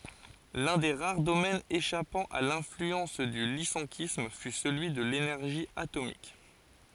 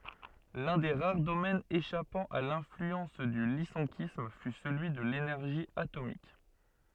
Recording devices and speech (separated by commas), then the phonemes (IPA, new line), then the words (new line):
forehead accelerometer, soft in-ear microphone, read sentence
lœ̃ de ʁaʁ domɛnz eʃapɑ̃ a lɛ̃flyɑ̃s dy lisɑ̃kism fy səlyi də lenɛʁʒi atomik
L'un des rares domaines échappant à l'influence du lyssenkisme fut celui de l'énergie atomique.